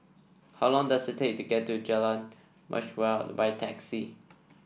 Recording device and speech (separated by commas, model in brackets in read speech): boundary microphone (BM630), read sentence